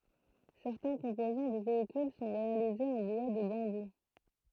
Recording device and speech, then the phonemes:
throat microphone, read sentence
sɛʁtɛ̃ kɔ̃pozɑ̃ dy veikyl sɔ̃ ʁealizez ɑ̃ bwa də bɑ̃bu

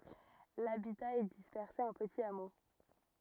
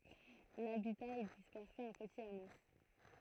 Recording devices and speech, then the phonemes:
rigid in-ear microphone, throat microphone, read sentence
labita ɛ dispɛʁse ɑ̃ pətiz amo

